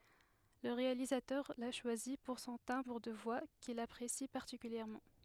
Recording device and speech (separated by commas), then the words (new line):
headset microphone, read sentence
Le réalisateur l'a choisi pour son timbre de voix qu'il apprécie particulièrement.